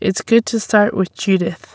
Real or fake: real